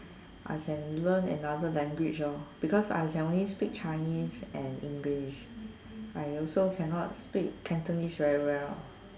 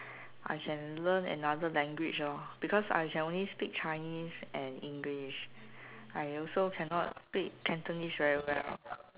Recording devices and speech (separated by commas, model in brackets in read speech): standing microphone, telephone, conversation in separate rooms